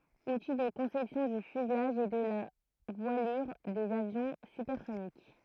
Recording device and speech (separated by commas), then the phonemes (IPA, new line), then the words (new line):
throat microphone, read sentence
uti də kɔ̃sɛpsjɔ̃ dy fyzlaʒ e də la vwalyʁ dez avjɔ̃ sypɛʁsonik
Outils de conception du fuselage et de la voilure des avions supersoniques.